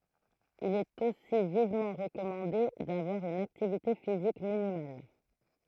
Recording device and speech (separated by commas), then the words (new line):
throat microphone, read sentence
Il est aussi vivement recommandé d'avoir une activité physique minimale.